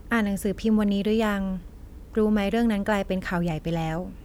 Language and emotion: Thai, neutral